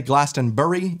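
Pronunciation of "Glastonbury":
'Glastonbury' is pronounced incorrectly here.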